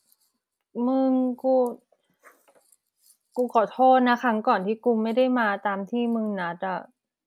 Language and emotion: Thai, sad